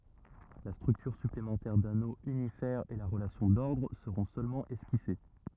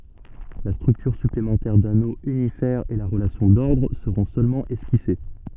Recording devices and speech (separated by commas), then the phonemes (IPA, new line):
rigid in-ear microphone, soft in-ear microphone, read sentence
la stʁyktyʁ syplemɑ̃tɛʁ dano ynifɛʁ e la ʁəlasjɔ̃ dɔʁdʁ səʁɔ̃ sølmɑ̃ ɛskise